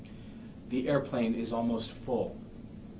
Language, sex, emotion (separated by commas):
English, male, neutral